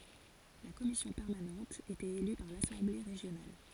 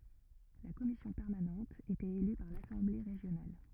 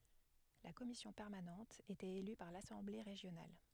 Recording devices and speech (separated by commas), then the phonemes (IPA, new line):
forehead accelerometer, rigid in-ear microphone, headset microphone, read sentence
la kɔmisjɔ̃ pɛʁmanɑ̃t etɛt ely paʁ lasɑ̃ble ʁeʒjonal